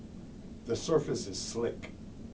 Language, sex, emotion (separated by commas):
English, male, neutral